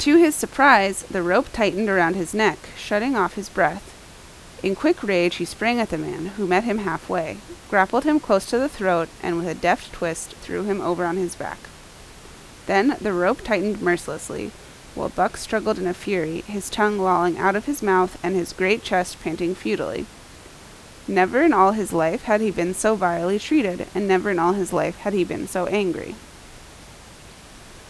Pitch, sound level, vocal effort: 190 Hz, 83 dB SPL, loud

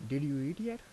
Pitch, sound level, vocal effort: 145 Hz, 84 dB SPL, soft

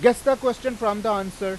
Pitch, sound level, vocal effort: 220 Hz, 98 dB SPL, very loud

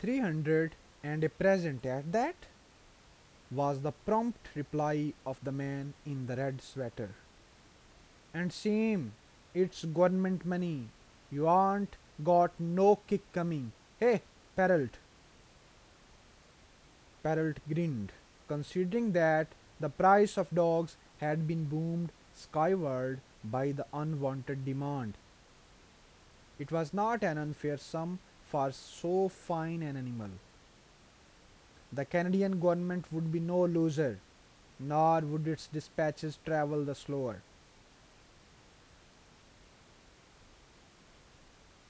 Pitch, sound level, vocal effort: 150 Hz, 85 dB SPL, normal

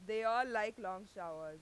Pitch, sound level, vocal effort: 205 Hz, 97 dB SPL, very loud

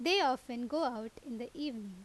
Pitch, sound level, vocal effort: 245 Hz, 86 dB SPL, loud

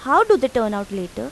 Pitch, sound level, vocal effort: 255 Hz, 89 dB SPL, normal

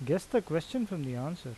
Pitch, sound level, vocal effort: 165 Hz, 83 dB SPL, normal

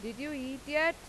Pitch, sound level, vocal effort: 285 Hz, 92 dB SPL, loud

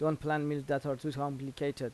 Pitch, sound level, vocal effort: 145 Hz, 85 dB SPL, normal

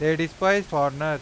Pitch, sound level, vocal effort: 155 Hz, 96 dB SPL, loud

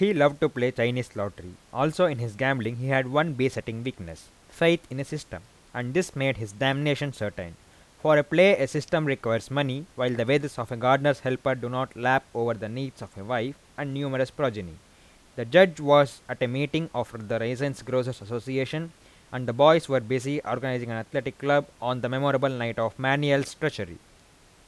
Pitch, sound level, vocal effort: 130 Hz, 89 dB SPL, loud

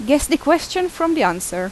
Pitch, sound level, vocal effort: 295 Hz, 87 dB SPL, very loud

